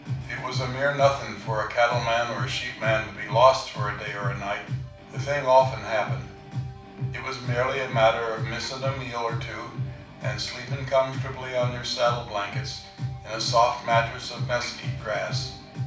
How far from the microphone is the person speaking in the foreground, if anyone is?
5.8 m.